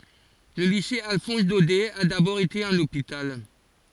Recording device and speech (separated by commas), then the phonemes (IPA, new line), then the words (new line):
forehead accelerometer, read sentence
lə lise alfɔ̃s dodɛ a dabɔʁ ete œ̃n opital
Le lycée Alphonse-Daudet a d'abord été un hôpital.